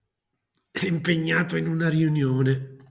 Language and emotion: Italian, disgusted